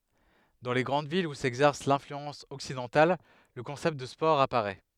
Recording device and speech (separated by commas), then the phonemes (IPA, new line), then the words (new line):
headset microphone, read sentence
dɑ̃ le ɡʁɑ̃d vilz u sɛɡzɛʁs lɛ̃flyɑ̃s ɔksidɑ̃tal lə kɔ̃sɛpt də spɔʁ apaʁɛ
Dans les grandes villes où s'exercent l'influence occidentale, le concept de sport apparait.